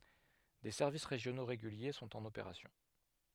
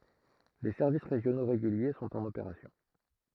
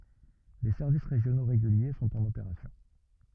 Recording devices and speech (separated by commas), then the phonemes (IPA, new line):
headset microphone, throat microphone, rigid in-ear microphone, read sentence
de sɛʁvis ʁeʒjono ʁeɡylje sɔ̃t ɑ̃n opeʁasjɔ̃